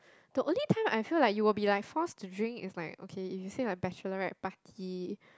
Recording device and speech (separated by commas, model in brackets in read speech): close-talking microphone, conversation in the same room